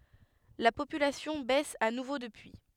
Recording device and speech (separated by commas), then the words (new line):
headset microphone, read sentence
La population baisse à nouveau depuis.